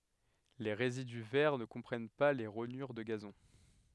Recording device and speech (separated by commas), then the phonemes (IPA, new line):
headset microphone, read sentence
le ʁezidy vɛʁ nə kɔ̃pʁɛn pa le ʁoɲyʁ də ɡazɔ̃